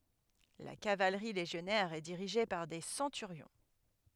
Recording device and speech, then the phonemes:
headset microphone, read sentence
la kavalʁi leʒjɔnɛʁ ɛ diʁiʒe paʁ de sɑ̃tyʁjɔ̃

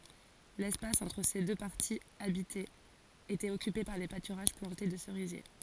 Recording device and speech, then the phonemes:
forehead accelerometer, read sentence
lɛspas ɑ̃tʁ se dø paʁtiz abitez etɛt ɔkype paʁ de patyʁaʒ plɑ̃te də səʁizje

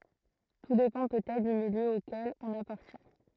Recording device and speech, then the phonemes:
throat microphone, read sentence
tu depɑ̃ pøtɛtʁ dy miljø okɛl ɔ̃n apaʁtjɛ̃

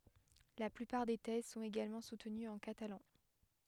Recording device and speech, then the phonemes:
headset microphone, read sentence
la plypaʁ de tɛz sɔ̃t eɡalmɑ̃ sutənyz ɑ̃ katalɑ̃

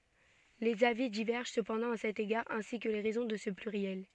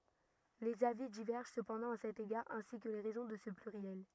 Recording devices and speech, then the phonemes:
soft in-ear microphone, rigid in-ear microphone, read sentence
lez avi divɛʁʒɑ̃ səpɑ̃dɑ̃ a sɛt eɡaʁ ɛ̃si kə le ʁɛzɔ̃ də sə plyʁjɛl

